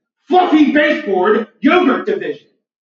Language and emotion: English, angry